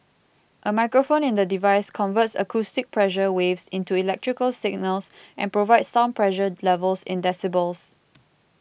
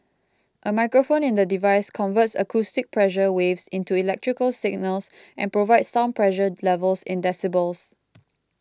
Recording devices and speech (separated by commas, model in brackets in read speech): boundary microphone (BM630), close-talking microphone (WH20), read sentence